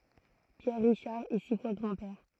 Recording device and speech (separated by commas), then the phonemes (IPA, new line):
throat microphone, read sentence
pjɛʁ ʁiʃaʁ ɛ si fwa ɡʁɑ̃dpɛʁ